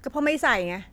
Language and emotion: Thai, angry